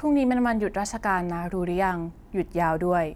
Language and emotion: Thai, neutral